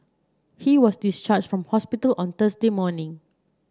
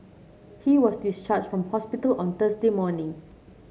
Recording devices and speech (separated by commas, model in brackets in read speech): standing microphone (AKG C214), mobile phone (Samsung C7), read sentence